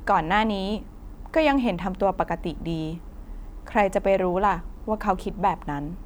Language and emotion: Thai, neutral